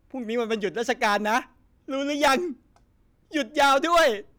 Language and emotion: Thai, happy